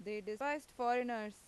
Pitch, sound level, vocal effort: 235 Hz, 92 dB SPL, loud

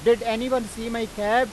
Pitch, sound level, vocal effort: 230 Hz, 100 dB SPL, very loud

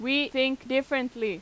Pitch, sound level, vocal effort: 260 Hz, 90 dB SPL, very loud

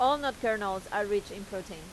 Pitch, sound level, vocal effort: 205 Hz, 92 dB SPL, loud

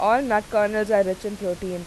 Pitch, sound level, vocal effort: 210 Hz, 91 dB SPL, loud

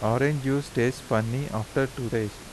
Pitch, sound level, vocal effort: 120 Hz, 82 dB SPL, soft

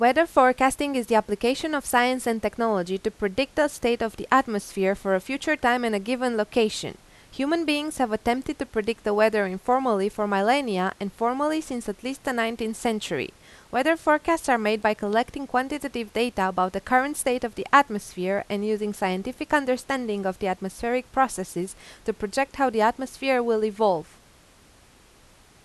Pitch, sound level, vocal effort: 235 Hz, 88 dB SPL, loud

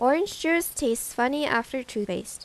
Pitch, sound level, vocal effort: 260 Hz, 84 dB SPL, normal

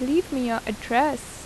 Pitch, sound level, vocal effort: 250 Hz, 81 dB SPL, normal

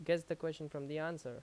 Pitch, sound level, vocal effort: 160 Hz, 85 dB SPL, loud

